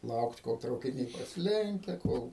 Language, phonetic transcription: Lithuanian, ˈlaukt kol traukiˈniai prasiˈlenkia ˈkol

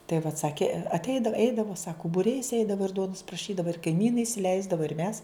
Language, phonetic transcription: Lithuanian, tai vat ˈsakė atˈeidav ˈeidavo ˈsaku buˈriais ˈeidavo ir ˈduonus praˈšydava ir kaiˈmynai isiˈleisdava ir ˈmes

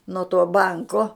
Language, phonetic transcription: Lithuanian, nuo tuo ˈbanko

